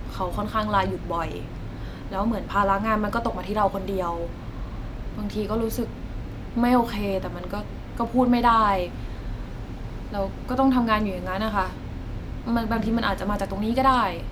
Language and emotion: Thai, frustrated